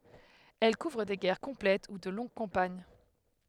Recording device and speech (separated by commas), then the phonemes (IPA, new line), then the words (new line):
headset microphone, read sentence
ɛl kuvʁ de ɡɛʁ kɔ̃plɛt u də lɔ̃ɡ kɑ̃paɲ
Elles couvrent des guerres complètes ou de longues campagnes.